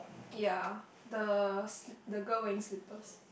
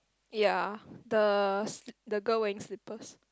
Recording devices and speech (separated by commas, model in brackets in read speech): boundary microphone, close-talking microphone, conversation in the same room